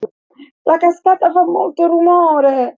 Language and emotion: Italian, fearful